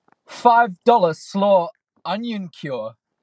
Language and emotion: English, fearful